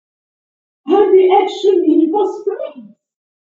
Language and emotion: English, happy